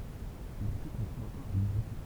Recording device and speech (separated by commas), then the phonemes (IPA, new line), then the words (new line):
temple vibration pickup, read sentence
laʁtikl i fɛt ɑ̃kɔʁ alyzjɔ̃
L'article y fait encore allusion.